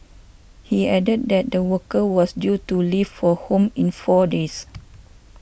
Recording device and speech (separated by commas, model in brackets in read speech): boundary microphone (BM630), read sentence